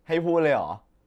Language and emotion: Thai, happy